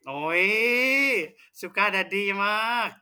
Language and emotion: Thai, happy